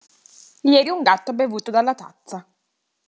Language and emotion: Italian, neutral